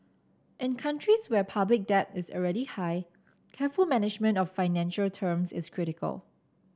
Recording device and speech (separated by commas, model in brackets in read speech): standing microphone (AKG C214), read sentence